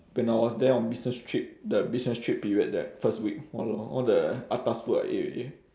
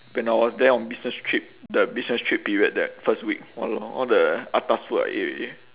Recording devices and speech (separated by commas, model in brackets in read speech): standing microphone, telephone, conversation in separate rooms